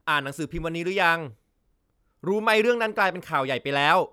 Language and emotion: Thai, frustrated